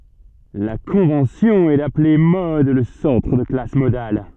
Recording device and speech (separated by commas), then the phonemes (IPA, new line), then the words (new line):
soft in-ear microphone, read sentence
la kɔ̃vɑ̃sjɔ̃ ɛ daple mɔd lə sɑ̃tʁ də la klas modal
La convention est d'appeler mode le centre de la classe modale.